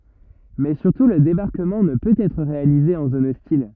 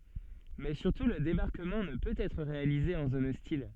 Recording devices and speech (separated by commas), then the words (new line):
rigid in-ear microphone, soft in-ear microphone, read sentence
Mais surtout le débarquement ne peut être réalisé en zone hostile.